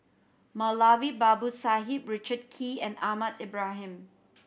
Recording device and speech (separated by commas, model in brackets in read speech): boundary microphone (BM630), read sentence